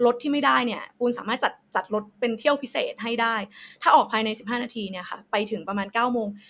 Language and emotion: Thai, frustrated